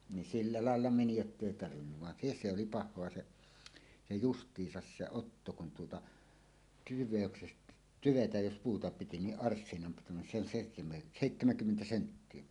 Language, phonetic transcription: Finnish, nin "silla 'làella 'meni jottèi tarvinnuv van "se ‿s̆se ‿oli "pah̆hoa 'se , 'se "just̀iisas se "otto kun tuota , 'tyv̆vèöksest- , "tyvetäj "jos 'puuta 'piti niˀ "ˀarssinam 'pitunen se ‿on 'sèihte- "sèittämäŋkymmentä 'senttie .
- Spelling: niin sillä lailla meni jotta ei tarvinnut vaan se se oli pahaa se se justiinsa se otto kun tuota tyvestä tyvetä jos puuta piti niin arssinan pituinen se on - seitsemänkymmentä senttiä

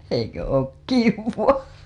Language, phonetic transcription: Finnish, eikö 'ook "kivvaa .
- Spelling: eikö ole kivaa

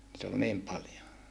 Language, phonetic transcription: Finnish, nit ‿ol niim paljo .
- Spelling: niitä oli niin paljon

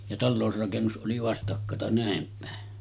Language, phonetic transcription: Finnish, ja 'tallòusrakennus ’oli 'vastakkata 'nä̀em pä̀e .
- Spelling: ja talousrakennus oli vastakkata näin päin

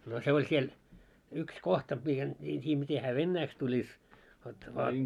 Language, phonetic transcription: Finnish, no se oĺ 'siel , yks 'kohta miten , mie en 't́ii miten hää "vennäiks tuĺis , vot vaa ,.
- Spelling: no se oli siellä yksi kohta miten minä en tiedä miten hän venäjäksi tulisi vot vain

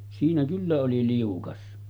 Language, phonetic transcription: Finnish, siinä 'kyllä oli 'liukas .
- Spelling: siinä kyllä oli liukas

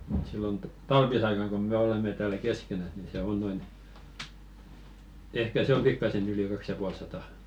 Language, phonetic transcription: Finnish, [mu]t 'sillon t- "talvisaikaŋ kom 'me olemme täälä "keskenäs ni 'se "on noin , 'ehkä se om "pikkasen ‿yli 'kaks ja 'pual satà .
- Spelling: mutta silloin - talvisaikana kun me olemme täällä keskenään niin se on noin ehkä se on pikkaisen yli kaksi ja puoli sataa

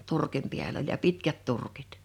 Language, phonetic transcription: Finnish, 'turkim piäl ‿oĺ ja 'pitkät 'turkit .
- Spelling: turkin päällä oli ja pitkät turkit

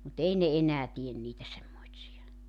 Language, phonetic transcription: Finnish, mut 'ei ne 'enää 'tien niitä semmoitsija .
- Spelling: mutta ei ne enää tee niitä semmoisia

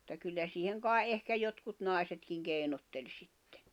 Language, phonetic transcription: Finnish, [mut]ta 'kyllä siiheŋ kàe’ '’ehkä jotkut 'nài̬setkiŋ 'kèinotteĺ 'sittᴇ .
- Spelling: mutta kyllä siihen kai ehkä jotkut naisetkin keinotteli sitten

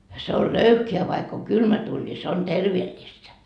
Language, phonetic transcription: Finnish, se ol "löyhke₍ä vaikk ‿oŋ "kylmä tuuĺ ni se on "terveellistä .
- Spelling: se on löyhkeä vaikka on kylmä tuuli niin se on terveellistä

